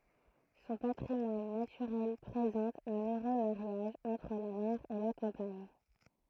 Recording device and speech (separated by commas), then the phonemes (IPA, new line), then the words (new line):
throat microphone, read sentence
sɔ̃ patʁimwan natyʁɛl pʁezɑ̃t œ̃n øʁø maʁjaʒ ɑ̃tʁ la mɛʁ e la kɑ̃paɲ
Son patrimoine naturel présente un heureux mariage entre la mer et la campagne.